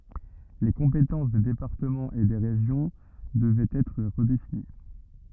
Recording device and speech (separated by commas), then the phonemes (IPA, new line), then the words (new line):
rigid in-ear microphone, read sentence
le kɔ̃petɑ̃s de depaʁtəmɑ̃z e de ʁeʒjɔ̃ dəvɛt ɛtʁ ʁədefini
Les compétences des départements et des régions devaient être redéfinies.